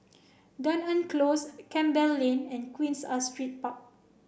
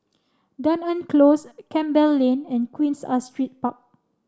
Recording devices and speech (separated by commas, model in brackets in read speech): boundary microphone (BM630), standing microphone (AKG C214), read sentence